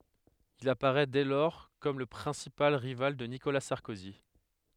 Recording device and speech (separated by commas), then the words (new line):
headset microphone, read sentence
Il apparaît dès lors comme le principal rival de Nicolas Sarkozy.